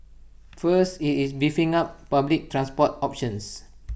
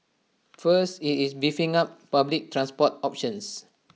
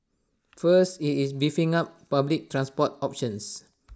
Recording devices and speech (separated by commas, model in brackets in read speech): boundary microphone (BM630), mobile phone (iPhone 6), standing microphone (AKG C214), read sentence